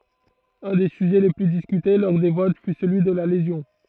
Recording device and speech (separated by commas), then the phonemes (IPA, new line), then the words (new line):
throat microphone, read sentence
œ̃ de syʒɛ le ply diskyte lɔʁ de vot fy səlyi də la lezjɔ̃
Un des sujets les plus discutés lors des votes fut celui de la lésion.